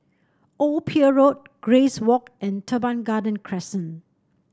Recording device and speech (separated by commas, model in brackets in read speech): standing microphone (AKG C214), read sentence